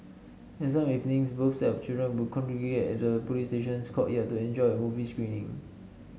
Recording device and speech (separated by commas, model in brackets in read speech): mobile phone (Samsung S8), read sentence